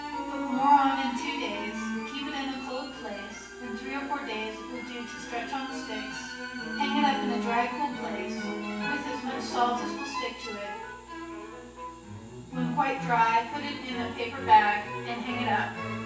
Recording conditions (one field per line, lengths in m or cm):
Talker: one person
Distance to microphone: 9.8 m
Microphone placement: far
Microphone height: 1.8 m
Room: large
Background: music